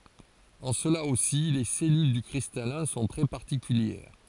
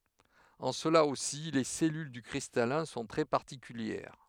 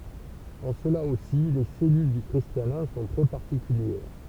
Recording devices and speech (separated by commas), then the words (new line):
forehead accelerometer, headset microphone, temple vibration pickup, read sentence
En cela aussi, les cellules du cristallin sont très particulières.